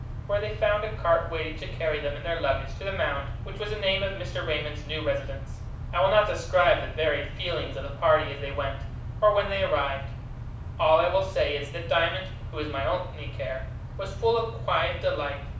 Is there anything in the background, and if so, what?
Nothing.